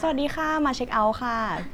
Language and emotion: Thai, happy